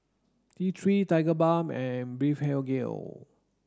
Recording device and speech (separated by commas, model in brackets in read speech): standing microphone (AKG C214), read sentence